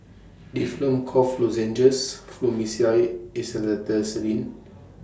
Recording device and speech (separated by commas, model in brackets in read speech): standing microphone (AKG C214), read sentence